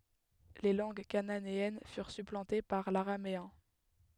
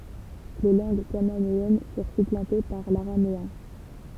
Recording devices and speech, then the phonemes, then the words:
headset microphone, temple vibration pickup, read sentence
le lɑ̃ɡ kananeɛn fyʁ syplɑ̃te paʁ laʁameɛ̃
Les langues cananéennes furent supplantées par l'araméen.

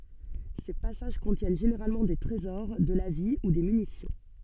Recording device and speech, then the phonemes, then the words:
soft in-ear microphone, read sentence
se pasaʒ kɔ̃tjɛn ʒeneʁalmɑ̃ de tʁezɔʁ də la vi u de mynisjɔ̃
Ces passages contiennent généralement des trésors, de la vie ou des munitions.

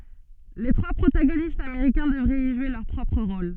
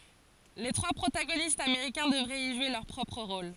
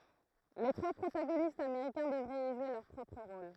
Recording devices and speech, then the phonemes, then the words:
soft in-ear microphone, forehead accelerometer, throat microphone, read sentence
le tʁwa pʁotaɡonistz ameʁikɛ̃ dəvʁɛt i ʒwe lœʁ pʁɔpʁ ʁol
Les trois protagonistes américains devraient y jouer leur propre rôle.

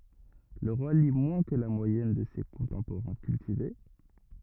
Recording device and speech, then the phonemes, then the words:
rigid in-ear microphone, read sentence
lə ʁwa li mwɛ̃ kə la mwajɛn də se kɔ̃tɑ̃poʁɛ̃ kyltive
Le roi lit moins que la moyenne de ses contemporains cultivés.

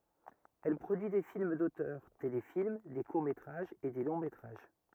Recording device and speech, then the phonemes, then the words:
rigid in-ear microphone, read sentence
ɛl pʁodyi de film dotœʁ telefilm de kuʁ metʁaʒz e de lɔ̃ metʁaʒ
Elle produit des films d'auteurs, téléfilms, des courts métrages et des longs métrages.

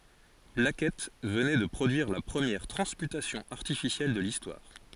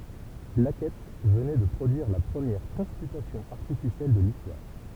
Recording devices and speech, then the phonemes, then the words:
forehead accelerometer, temple vibration pickup, read sentence
blakɛt vənɛ də pʁodyiʁ la pʁəmjɛʁ tʁɑ̃smytasjɔ̃ aʁtifisjɛl də listwaʁ
Blackett venait de produire la première transmutation artificielle de l'histoire.

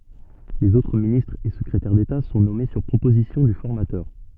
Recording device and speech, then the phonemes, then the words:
soft in-ear microphone, read sentence
lez otʁ ministʁz e səkʁetɛʁ deta sɔ̃ nɔme syʁ pʁopozisjɔ̃ dy fɔʁmatœʁ
Les autres ministres et secrétaires d’État sont nommés sur proposition du formateur.

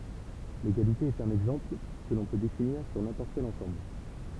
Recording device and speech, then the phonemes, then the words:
temple vibration pickup, read sentence
leɡalite ɛt œ̃n ɛɡzɑ̃pl kə lɔ̃ pø definiʁ syʁ nɛ̃pɔʁt kɛl ɑ̃sɑ̃bl
L'égalité est un exemple, que l'on peut définir sur n'importe quel ensemble.

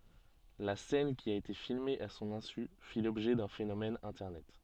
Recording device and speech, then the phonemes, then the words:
soft in-ear microphone, read sentence
la sɛn ki a ete filme a sɔ̃n ɛ̃sy fi lɔbʒɛ dœ̃ fenomɛn ɛ̃tɛʁnɛt
La scène qui a été filmée à son insu fit l'objet d'un phénomène internet.

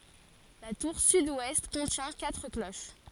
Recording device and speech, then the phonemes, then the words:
forehead accelerometer, read sentence
la tuʁ sydwɛst kɔ̃tjɛ̃ katʁ kloʃ
La tour sud-ouest contient quatre cloches.

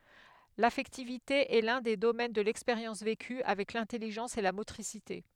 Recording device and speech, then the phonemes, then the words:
headset microphone, read sentence
lafɛktivite ɛ lœ̃ de domɛn də lɛkspeʁjɑ̃s veky avɛk lɛ̃tɛliʒɑ̃s e la motʁisite
L’affectivité est l’un des domaines de l’expérience vécue, avec l’intelligence et la motricité.

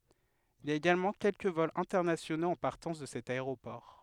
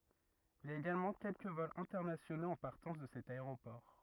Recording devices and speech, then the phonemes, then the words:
headset microphone, rigid in-ear microphone, read sentence
il i a eɡalmɑ̃ kɛlkə vɔlz ɛ̃tɛʁnasjonoz ɑ̃ paʁtɑ̃s də sɛt aeʁopɔʁ
Il y a également quelques vols internationaux en partance de cet aéroport.

